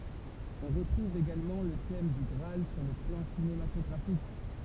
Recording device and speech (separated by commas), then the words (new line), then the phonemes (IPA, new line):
temple vibration pickup, read sentence
On retrouve également le thème du Graal sur le plan cinématographique.
ɔ̃ ʁətʁuv eɡalmɑ̃ lə tɛm dy ɡʁaal syʁ lə plɑ̃ sinematɔɡʁafik